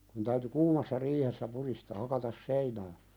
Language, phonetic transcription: Finnish, kun täyty "kuumassa 'riihessä 'puðistaa 'hakatas "seinää .
- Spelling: kun täytyy kuumassa riihessä pudistaa hakata seinää

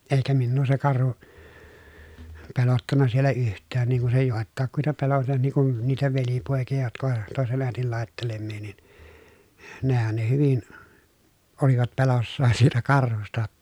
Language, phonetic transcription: Finnish, èikä minnuu se karhu , pelottanna siellä yht̆tään ni kun se jòettàekkuita pelot(ti) ni kun , niitä velipòekija jotk ‿ovat , tòesen ä̀etil làettelemmii nin , nehän ne hyvin , olivat pelossaan siitä karhusta ‿(tta) .
- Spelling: eikä minua se karhu pelottanut siellä yhtään niin kuin se joitakuita pelotti niin kuin niitä velipoikia jotka ovat toisen äidin laittelemia niin nehän ne hyvin olivat peloissaan siitä karhusta jotta

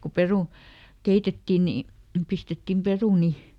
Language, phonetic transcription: Finnish, ko "peru- , ˈkeitetti ni , ˈpistettim "peruni .
- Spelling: kun - keitettiin niin pistettiin perunoita

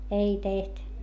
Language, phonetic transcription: Finnish, ei teht .
- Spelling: ei tehnyt

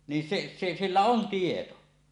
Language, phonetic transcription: Finnish, nin 'se , 'se , 'sillä on "tieto .
- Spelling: niin se se sillä on tieto

